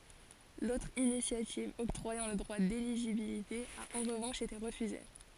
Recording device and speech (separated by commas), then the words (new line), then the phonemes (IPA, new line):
forehead accelerometer, read sentence
L'autre initiative octroyant le droit d'éligibilité a en revanche été refusée.
lotʁ inisjativ ɔktʁwajɑ̃ lə dʁwa deliʒibilite a ɑ̃ ʁəvɑ̃ʃ ete ʁəfyze